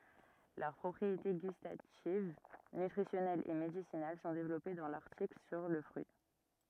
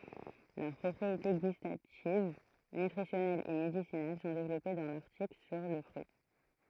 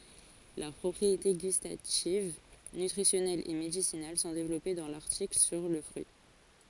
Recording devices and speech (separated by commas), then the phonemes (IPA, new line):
rigid in-ear microphone, throat microphone, forehead accelerometer, read sentence
lœʁ pʁɔpʁiete ɡystativ nytʁisjɔnɛlz e medisinal sɔ̃ devlɔpe dɑ̃ laʁtikl syʁ lə fʁyi